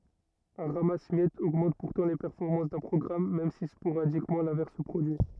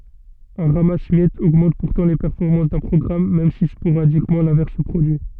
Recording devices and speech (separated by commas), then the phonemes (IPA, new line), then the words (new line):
rigid in-ear microphone, soft in-ear microphone, read sentence
œ̃ ʁamas mjɛtz oɡmɑ̃t puʁtɑ̃ le pɛʁfɔʁmɑ̃s dœ̃ pʁɔɡʁam mɛm si spoʁadikmɑ̃ lɛ̃vɛʁs sə pʁodyi
Un ramasse-miettes augmente pourtant les performances d'un programme, même si sporadiquement l'inverse se produit.